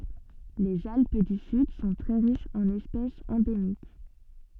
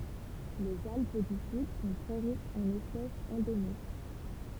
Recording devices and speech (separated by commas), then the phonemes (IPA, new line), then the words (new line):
soft in-ear microphone, temple vibration pickup, read sentence
lez alp dy syd sɔ̃ tʁɛ ʁiʃz ɑ̃n ɛspɛsz ɑ̃demik
Les Alpes du Sud sont très riches en espèces endémiques.